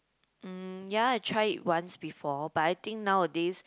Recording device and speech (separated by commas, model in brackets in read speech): close-talking microphone, conversation in the same room